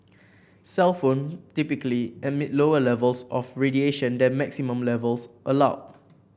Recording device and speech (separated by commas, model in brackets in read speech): boundary microphone (BM630), read sentence